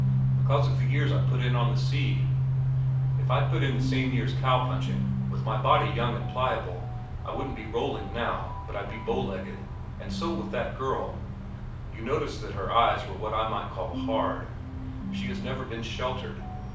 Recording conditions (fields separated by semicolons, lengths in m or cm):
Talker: one person; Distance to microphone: 5.8 m; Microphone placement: far; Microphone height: 1.8 m; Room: medium-sized (5.7 m by 4.0 m); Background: music